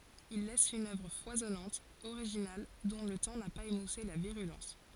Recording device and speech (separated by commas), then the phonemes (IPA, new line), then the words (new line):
forehead accelerometer, read sentence
il lɛs yn œvʁ fwazɔnɑ̃t oʁiʒinal dɔ̃ lə tɑ̃ na paz emuse la viʁylɑ̃s
Il laisse une œuvre foisonnante, originale, dont le temps n'a pas émoussé la virulence.